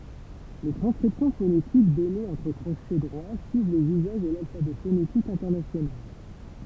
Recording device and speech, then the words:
temple vibration pickup, read sentence
Les transcriptions phonétiques données entre crochets droits suivent les usages de l'alphabet phonétique international.

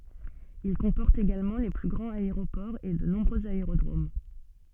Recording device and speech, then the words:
soft in-ear microphone, read sentence
Il comporte également les plus grands aéroports et de nombreux aérodromes.

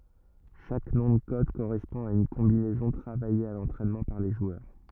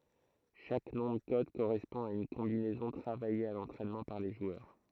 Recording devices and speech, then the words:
rigid in-ear microphone, throat microphone, read sentence
Chaque nom de code correspond à une combinaison travaillée à l'entraînement par les joueurs.

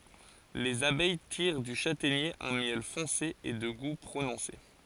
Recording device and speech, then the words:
forehead accelerometer, read sentence
Les abeilles tirent du châtaignier un miel foncé et de goût prononcé.

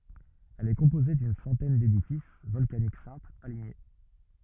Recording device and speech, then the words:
rigid in-ear microphone, read sentence
Elle est composée d'une centaine d'édifices volcaniques simples, alignés.

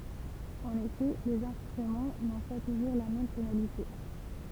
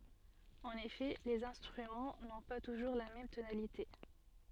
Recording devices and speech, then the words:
temple vibration pickup, soft in-ear microphone, read sentence
En effet, les instruments n'ont pas toujours la même tonalité.

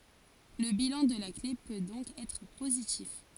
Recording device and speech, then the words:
forehead accelerometer, read sentence
Le bilan de la clé peut donc être positif.

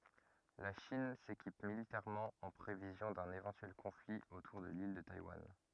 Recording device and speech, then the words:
rigid in-ear microphone, read sentence
La Chine s'équipe militairement en prévision d'un éventuel conflit autour de l'île de Taïwan.

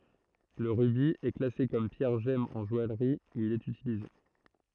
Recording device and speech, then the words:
throat microphone, read sentence
Le rubis est classé comme pierre gemme en joaillerie, où il est utilisé.

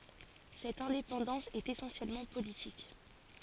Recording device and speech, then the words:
forehead accelerometer, read sentence
Cette indépendance est essentiellement politique.

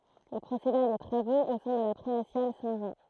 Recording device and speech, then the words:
throat microphone, read sentence
Il procéda à des travaux au sein de la primatiale Saint-Jean.

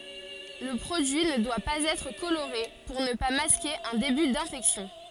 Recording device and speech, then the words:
forehead accelerometer, read sentence
Le produit ne doit pas être coloré pour ne pas masquer un début d'infection.

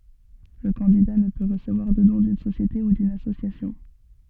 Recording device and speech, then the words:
soft in-ear microphone, read sentence
Le candidat ne peut recevoir de don d'une société ou d'une association.

